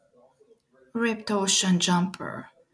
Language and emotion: English, sad